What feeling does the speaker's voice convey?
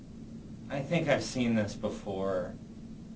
neutral